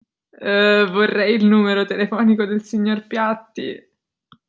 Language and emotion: Italian, disgusted